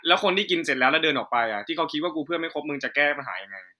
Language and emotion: Thai, frustrated